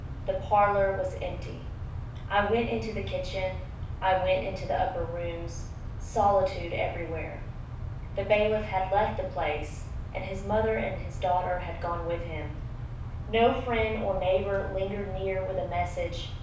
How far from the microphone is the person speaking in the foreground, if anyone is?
5.8 m.